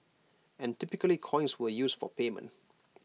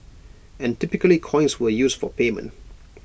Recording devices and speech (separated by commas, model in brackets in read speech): mobile phone (iPhone 6), boundary microphone (BM630), read sentence